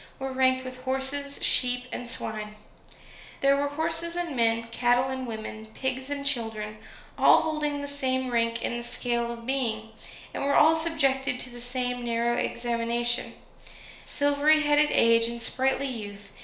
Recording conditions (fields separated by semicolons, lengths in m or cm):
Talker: one person; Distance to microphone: 1.0 m; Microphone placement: close; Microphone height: 1.1 m; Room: small (3.7 m by 2.7 m); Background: none